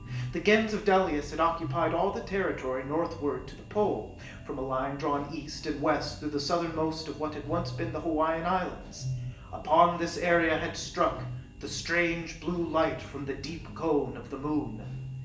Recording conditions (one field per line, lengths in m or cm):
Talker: one person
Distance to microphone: 1.8 m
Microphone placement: close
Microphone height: 1.0 m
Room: large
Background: music